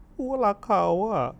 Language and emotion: Thai, sad